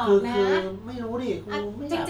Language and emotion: Thai, frustrated